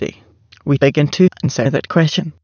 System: TTS, waveform concatenation